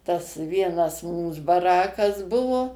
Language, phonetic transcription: Lithuanian, tas ˈvienas ˈmūs baˈrakas ˈbuvo

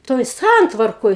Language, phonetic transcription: Lithuanian, ˈtoj ˈsantvarkoj

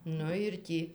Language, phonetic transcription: Lithuanian, ˈnu ir ˈtį

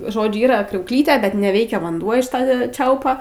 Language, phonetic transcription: Lithuanian, ˈžodžiu ˈyra kriaukˈlytė bet neˈveikia vanˈduo iš ˈta ˈčiaupa

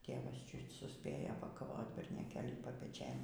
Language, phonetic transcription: Lithuanian, ˈtėvas ˈčiut suˈspėjo pakaˈvot bernioˈkėlį papeˈčėn

